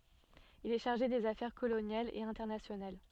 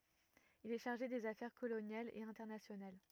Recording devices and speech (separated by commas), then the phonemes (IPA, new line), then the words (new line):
soft in-ear microphone, rigid in-ear microphone, read sentence
il ɛ ʃaʁʒe dez afɛʁ kolonjalz e ɛ̃tɛʁnasjonal
Il est chargé des affaires coloniales et internationales.